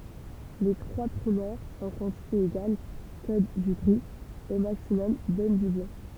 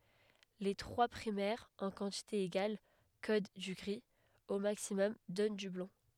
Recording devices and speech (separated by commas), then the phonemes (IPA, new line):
temple vibration pickup, headset microphone, read sentence
le tʁwa pʁimɛʁz ɑ̃ kɑ̃tite eɡal kod dy ɡʁi o maksimɔm dɔn dy blɑ̃